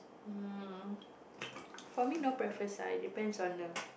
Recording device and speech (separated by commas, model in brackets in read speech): boundary microphone, conversation in the same room